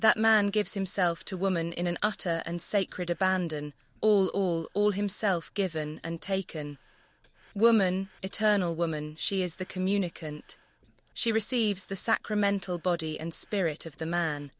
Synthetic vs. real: synthetic